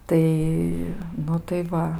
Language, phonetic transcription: Lithuanian, ˈtai ˈnu tai ˈva

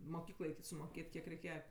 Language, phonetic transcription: Lithuanian, moˈkyklai sumoˈkėt' ˈkiek reiˈkėja

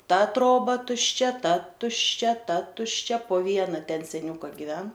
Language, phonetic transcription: Lithuanian, ˈta ˈtroba tušˈčia ˈta tušˈčia ˈta tušˈčia po ˈviena ˈten seˈniuka giˈven

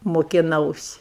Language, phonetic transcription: Lithuanian, mokiˈnausi

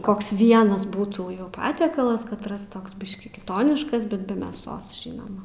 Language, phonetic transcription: Lithuanian, ˈkoks ˈvienas ˈbūtų jau ˈpatiekalas ˈkatras ˈtoks ˈbiškį kiˈtoniškas ˈbet be mėˈsos ˈžynoma

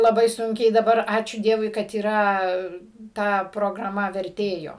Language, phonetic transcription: Lithuanian, laˈbai ˈsunkiai daˈbar ˈačiū ˈdievui kad yˈra ˈta prograˈma verˈtėjo

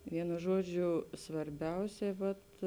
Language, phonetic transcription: Lithuanian, ˈvienu ˈžuoˌdžiu svarˈbiausiai ˈvat

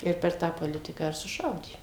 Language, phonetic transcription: Lithuanian, ˈir per ˈtą poˈlitiką ir suˈšaudė

